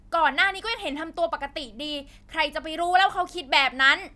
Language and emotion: Thai, angry